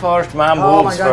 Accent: scottish accent